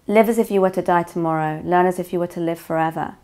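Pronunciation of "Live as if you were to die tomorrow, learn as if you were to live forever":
The whole sentence is read through without emphasis on any words and without any inflection.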